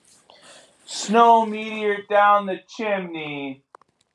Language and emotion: English, sad